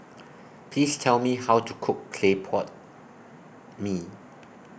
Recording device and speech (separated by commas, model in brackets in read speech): boundary microphone (BM630), read sentence